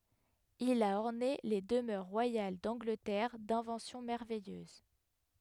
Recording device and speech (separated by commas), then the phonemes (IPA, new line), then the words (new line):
headset microphone, read sentence
il a ɔʁne le dəmœʁ ʁwajal dɑ̃ɡlətɛʁ dɛ̃vɑ̃sjɔ̃ mɛʁvɛjøz
Il a orné les demeures royales d’Angleterre d’inventions merveilleuses.